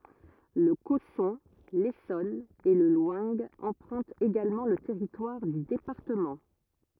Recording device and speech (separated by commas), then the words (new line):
rigid in-ear microphone, read sentence
Le Cosson, l'Essonne et le Loing empruntent également le territoire du département.